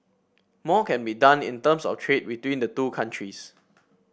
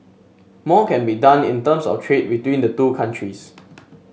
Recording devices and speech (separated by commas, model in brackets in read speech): boundary microphone (BM630), mobile phone (Samsung S8), read sentence